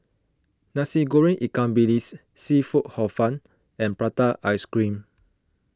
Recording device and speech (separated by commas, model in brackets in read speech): close-talking microphone (WH20), read sentence